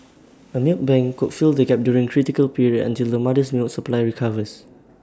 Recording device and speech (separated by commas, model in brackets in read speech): standing microphone (AKG C214), read sentence